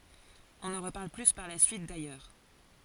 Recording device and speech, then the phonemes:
forehead accelerometer, read sentence
ɔ̃ nɑ̃ ʁəpaʁl ply paʁ la syit dajœʁ

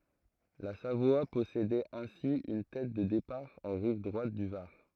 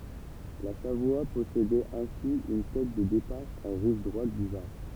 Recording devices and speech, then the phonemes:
throat microphone, temple vibration pickup, read sentence
la savwa pɔsedɛt ɛ̃si yn tɛt də depaʁ ɑ̃ ʁiv dʁwat dy vaʁ

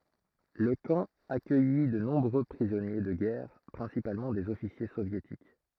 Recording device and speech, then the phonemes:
throat microphone, read sentence
lə kɑ̃ akœji də nɔ̃bʁø pʁizɔnje də ɡɛʁ pʁɛ̃sipalmɑ̃ dez ɔfisje sovjetik

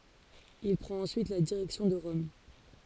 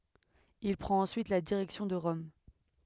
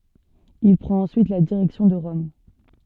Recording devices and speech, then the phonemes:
forehead accelerometer, headset microphone, soft in-ear microphone, read sentence
il pʁɑ̃t ɑ̃syit la diʁɛksjɔ̃ də ʁɔm

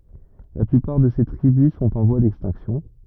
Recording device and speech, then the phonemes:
rigid in-ear microphone, read sentence
la plypaʁ də se tʁibys sɔ̃t ɑ̃ vwa dɛkstɛ̃ksjɔ̃

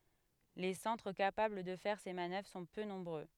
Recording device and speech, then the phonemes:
headset microphone, read sentence
le sɑ̃tʁ kapabl də fɛʁ se manœvʁ sɔ̃ pø nɔ̃bʁø

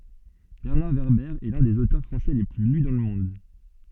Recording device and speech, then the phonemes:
soft in-ear microphone, read sentence
bɛʁnaʁ vɛʁbɛʁ ɛ lœ̃ dez otœʁ fʁɑ̃sɛ le ply ly dɑ̃ lə mɔ̃d

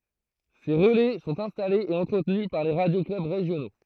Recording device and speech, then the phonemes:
throat microphone, read sentence
se ʁəlɛ sɔ̃t ɛ̃stalez e ɑ̃tʁətny paʁ le ʁadjo klœb ʁeʒjono

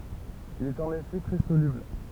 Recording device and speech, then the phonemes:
temple vibration pickup, read sentence
il i ɛt ɑ̃n efɛ tʁɛ solybl

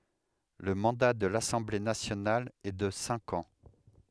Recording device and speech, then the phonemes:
headset microphone, read sentence
lə mɑ̃da də lasɑ̃ble nasjonal ɛ də sɛ̃k ɑ̃

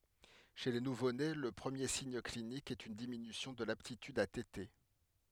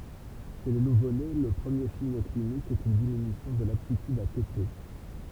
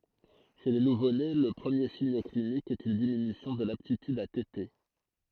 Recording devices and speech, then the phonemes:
headset microphone, temple vibration pickup, throat microphone, read sentence
ʃe le nuvone lə pʁəmje siɲ klinik ɛt yn diminysjɔ̃ də laptityd a tete

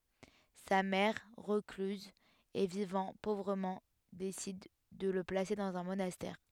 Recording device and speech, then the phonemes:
headset microphone, read sentence
sa mɛʁ ʁəklyz e vivɑ̃ povʁəmɑ̃ desid də lə plase dɑ̃z œ̃ monastɛʁ

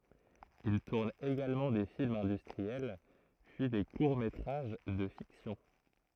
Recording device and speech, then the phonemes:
throat microphone, read sentence
il tuʁn eɡalmɑ̃ de filmz ɛ̃dystʁiɛl pyi de kuʁ metʁaʒ də fiksjɔ̃

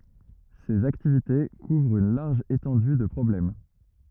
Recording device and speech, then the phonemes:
rigid in-ear microphone, read sentence
sez aktivite kuvʁt yn laʁʒ etɑ̃dy də pʁɔblɛm

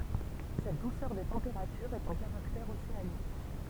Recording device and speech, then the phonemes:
temple vibration pickup, read sentence
sɛt dusœʁ de tɑ̃peʁatyʁz ɛt œ̃ kaʁaktɛʁ oseanik

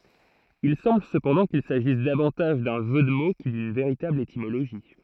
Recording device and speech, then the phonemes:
throat microphone, read sentence
il sɑ̃bl səpɑ̃dɑ̃ kil saʒis davɑ̃taʒ dœ̃ ʒø də mo kə dyn veʁitabl etimoloʒi

